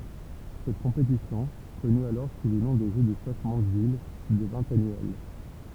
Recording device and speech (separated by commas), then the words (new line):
temple vibration pickup, read sentence
Cette compétition, connue alors sous le nom de Jeux de Stoke Mandeville, devint annuelle.